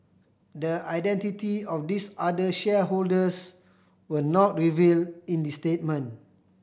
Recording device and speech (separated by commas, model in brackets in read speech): boundary microphone (BM630), read sentence